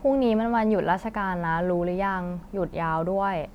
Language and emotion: Thai, neutral